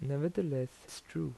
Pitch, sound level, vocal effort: 135 Hz, 80 dB SPL, soft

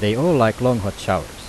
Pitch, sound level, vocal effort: 115 Hz, 87 dB SPL, normal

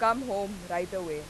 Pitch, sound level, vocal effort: 190 Hz, 93 dB SPL, very loud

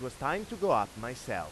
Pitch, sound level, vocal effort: 130 Hz, 96 dB SPL, loud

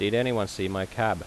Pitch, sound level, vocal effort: 105 Hz, 85 dB SPL, normal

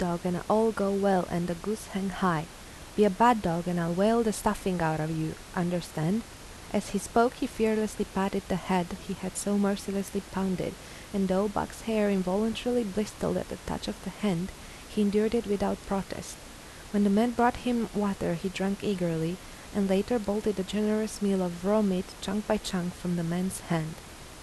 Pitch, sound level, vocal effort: 195 Hz, 80 dB SPL, soft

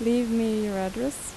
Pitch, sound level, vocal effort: 230 Hz, 84 dB SPL, normal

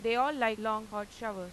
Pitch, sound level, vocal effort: 220 Hz, 96 dB SPL, loud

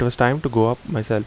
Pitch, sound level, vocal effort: 120 Hz, 79 dB SPL, normal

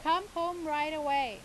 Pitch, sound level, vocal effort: 305 Hz, 96 dB SPL, very loud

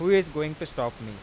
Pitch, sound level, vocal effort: 150 Hz, 95 dB SPL, normal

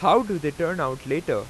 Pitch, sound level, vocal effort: 165 Hz, 94 dB SPL, very loud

